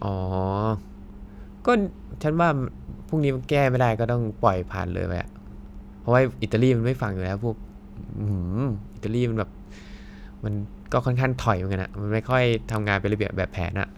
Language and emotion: Thai, frustrated